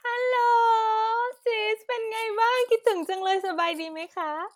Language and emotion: Thai, happy